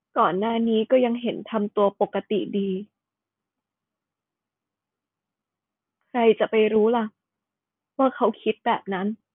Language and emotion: Thai, sad